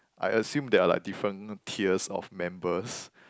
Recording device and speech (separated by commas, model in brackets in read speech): close-talking microphone, conversation in the same room